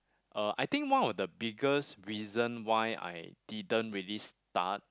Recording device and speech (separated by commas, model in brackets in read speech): close-talking microphone, conversation in the same room